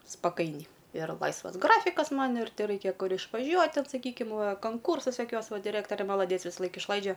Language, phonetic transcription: Lithuanian, spaˈkainiai ir ˈlaisvas ˈgrafikas ˈman ir teˈraikia ˈkur išvaˈžiuot' ˈten saˈkykim ˈva kanˈkūrsas joˈkiuos ˈva diˈrɜktorė malaˈdiec visaˈlaik išˈlaidžia

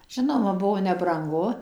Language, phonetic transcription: Lithuanian, ˈžinoma ˈbuo nebranˈgu

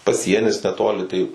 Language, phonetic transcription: Lithuanian, paˈsienis neˈtoli tai

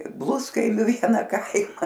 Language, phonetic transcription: Lithuanian, ˈbluskaimiu ˈviena ˈkaima

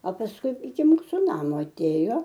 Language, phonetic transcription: Lithuanian, a pasˈkui iki ˈmūsu ˈnamo aˈtėjo

